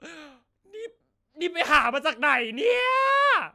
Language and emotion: Thai, happy